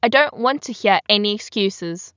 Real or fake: real